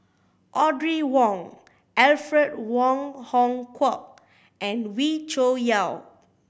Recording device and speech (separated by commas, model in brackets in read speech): boundary microphone (BM630), read sentence